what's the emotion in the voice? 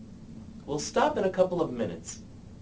disgusted